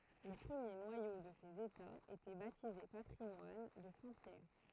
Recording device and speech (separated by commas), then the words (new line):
throat microphone, read sentence
Le premier noyau de ces États était baptisé patrimoine de saint Pierre.